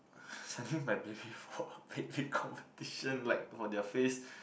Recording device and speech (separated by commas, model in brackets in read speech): boundary microphone, conversation in the same room